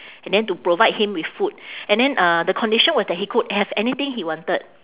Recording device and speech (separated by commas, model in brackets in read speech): telephone, conversation in separate rooms